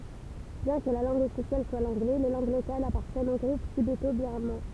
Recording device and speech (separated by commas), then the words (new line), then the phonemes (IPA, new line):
temple vibration pickup, read sentence
Bien que la langue officielle soit l'anglais, les langues locales appartiennent au groupe tibéto-birman.
bjɛ̃ kə la lɑ̃ɡ ɔfisjɛl swa lɑ̃ɡlɛ le lɑ̃ɡ lokalz apaʁtjɛnt o ɡʁup tibeto biʁmɑ̃